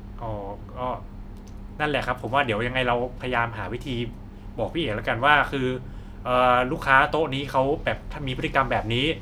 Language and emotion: Thai, neutral